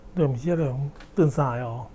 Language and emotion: Thai, neutral